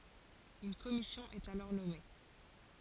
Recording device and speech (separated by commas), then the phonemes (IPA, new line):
forehead accelerometer, read sentence
yn kɔmisjɔ̃ ɛt alɔʁ nɔme